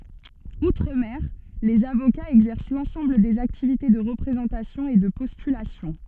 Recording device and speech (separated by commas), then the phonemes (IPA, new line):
soft in-ear microphone, read sentence
utʁ mɛʁ lez avokaz ɛɡzɛʁs lɑ̃sɑ̃bl dez aktivite də ʁəpʁezɑ̃tasjɔ̃ e də pɔstylasjɔ̃